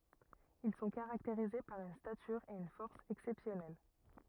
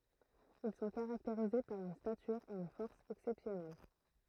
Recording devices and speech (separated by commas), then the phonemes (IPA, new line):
rigid in-ear microphone, throat microphone, read sentence
il sɔ̃ kaʁakteʁize paʁ yn statyʁ e yn fɔʁs ɛksɛpsjɔnɛl